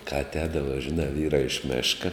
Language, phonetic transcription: Lithuanian, ka atˈēdava žiˈnā ˈvyrā iš ˈmeška

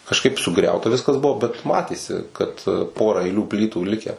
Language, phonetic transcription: Lithuanian, kažˈkaip suˈgriauta ˈviskas ˈbuvo bet ˈmatėsi kad ˈpora aiˈlių ˈplytų ˈlikę

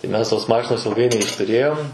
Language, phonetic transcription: Lithuanian, tai ˈmes tos ˈmašinos ilˈgai neištuˈrėjom

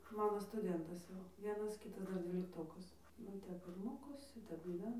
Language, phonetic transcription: Lithuanian, ˈmano stuˈdentas jau ˈvienas ˈkitas ˈdar dvylikˈtokas nu ˈtep ir ˈmokosi ˈtep gyˈvena

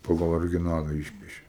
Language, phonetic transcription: Lithuanian, paˈgal origiˈnala ˈišpiešė

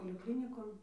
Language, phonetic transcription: Lithuanian, poliˈklinikon

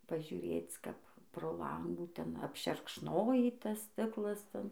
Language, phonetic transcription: Lithuanian, pažiuˈrėc ˈkap pro ˈlangų ˈten apšerkšˈnojį ˈtas ˈstiklas ˈten

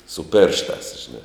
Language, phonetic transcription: Lithuanian, su ˈpėršˌtās žiˈna

